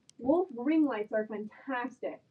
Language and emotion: English, happy